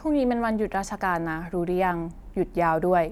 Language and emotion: Thai, neutral